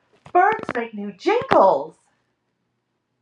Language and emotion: English, surprised